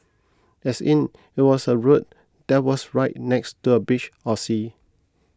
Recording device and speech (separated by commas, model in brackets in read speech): close-talking microphone (WH20), read sentence